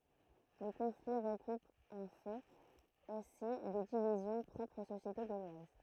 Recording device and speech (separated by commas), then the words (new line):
throat microphone, read sentence
Le conflit recoupe en fait aussi des divisions propres aux sociétés gauloises.